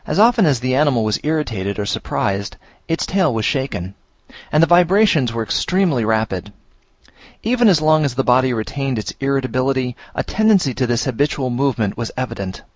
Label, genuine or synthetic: genuine